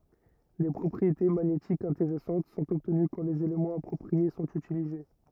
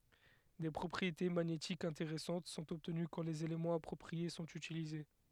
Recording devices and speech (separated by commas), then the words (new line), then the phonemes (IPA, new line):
rigid in-ear microphone, headset microphone, read sentence
Des propriétés magnétiques intéressantes sont obtenues quand les éléments appropriés sont utilisés.
de pʁɔpʁiete maɲetikz ɛ̃teʁɛsɑ̃t sɔ̃t ɔbtəny kɑ̃ lez elemɑ̃z apʁɔpʁie sɔ̃t ytilize